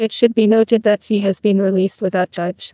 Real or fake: fake